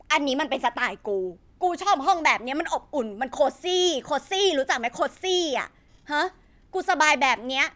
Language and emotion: Thai, angry